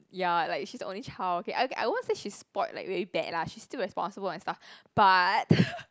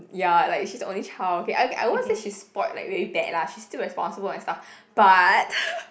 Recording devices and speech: close-talking microphone, boundary microphone, conversation in the same room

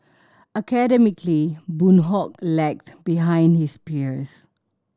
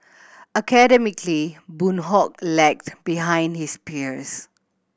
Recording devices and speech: standing microphone (AKG C214), boundary microphone (BM630), read sentence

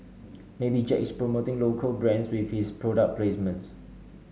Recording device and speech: mobile phone (Samsung S8), read sentence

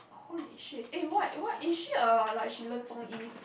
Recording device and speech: boundary microphone, conversation in the same room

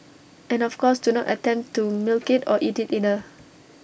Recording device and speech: boundary microphone (BM630), read sentence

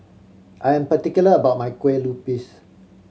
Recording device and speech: mobile phone (Samsung C7100), read sentence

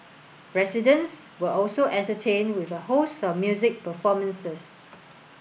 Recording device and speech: boundary microphone (BM630), read sentence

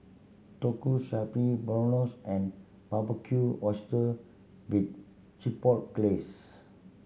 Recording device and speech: mobile phone (Samsung C7100), read sentence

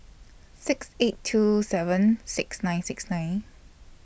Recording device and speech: boundary microphone (BM630), read sentence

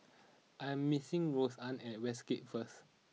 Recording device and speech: mobile phone (iPhone 6), read sentence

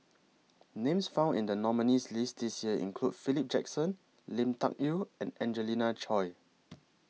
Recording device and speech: mobile phone (iPhone 6), read sentence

